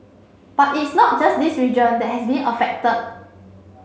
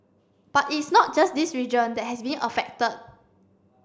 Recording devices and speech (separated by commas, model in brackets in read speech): mobile phone (Samsung C7), standing microphone (AKG C214), read sentence